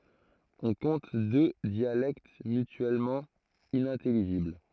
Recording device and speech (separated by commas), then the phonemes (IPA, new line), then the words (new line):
throat microphone, read sentence
ɔ̃ kɔ̃t dø djalɛkt mytyɛlmɑ̃ inɛ̃tɛliʒibl
On compte deux dialectes mutuellement inintelligibles.